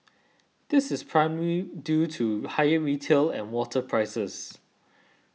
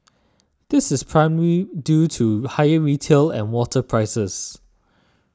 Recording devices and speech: mobile phone (iPhone 6), standing microphone (AKG C214), read sentence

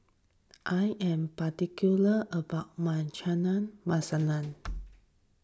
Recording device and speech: standing microphone (AKG C214), read sentence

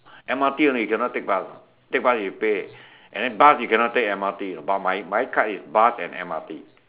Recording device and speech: telephone, conversation in separate rooms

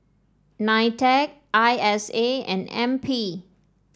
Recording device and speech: standing microphone (AKG C214), read sentence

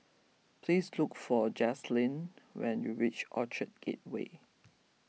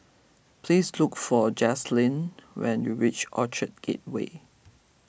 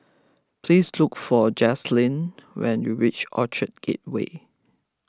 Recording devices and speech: mobile phone (iPhone 6), boundary microphone (BM630), close-talking microphone (WH20), read sentence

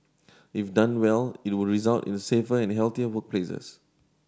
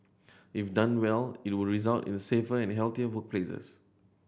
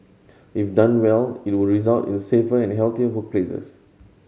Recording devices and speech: standing microphone (AKG C214), boundary microphone (BM630), mobile phone (Samsung C7100), read sentence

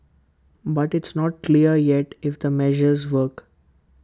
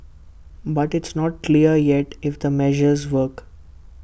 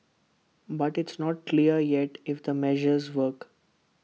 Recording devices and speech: close-talking microphone (WH20), boundary microphone (BM630), mobile phone (iPhone 6), read sentence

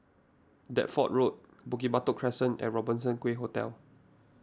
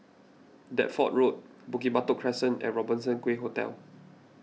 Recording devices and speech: standing microphone (AKG C214), mobile phone (iPhone 6), read sentence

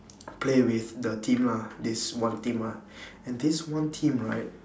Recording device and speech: standing microphone, conversation in separate rooms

